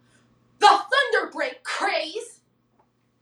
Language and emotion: English, disgusted